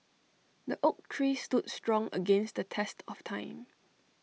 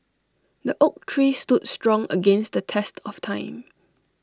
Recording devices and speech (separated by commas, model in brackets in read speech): mobile phone (iPhone 6), standing microphone (AKG C214), read sentence